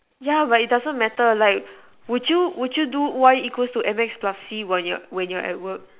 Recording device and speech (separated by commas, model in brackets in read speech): telephone, conversation in separate rooms